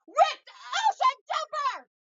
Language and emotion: English, angry